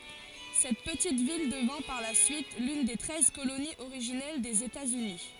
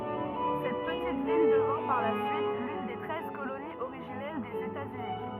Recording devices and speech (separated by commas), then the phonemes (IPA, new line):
forehead accelerometer, rigid in-ear microphone, read sentence
sɛt pətit vil dəvɛ̃ paʁ la syit lyn de tʁɛz koloniz oʁiʒinɛl dez etaz yni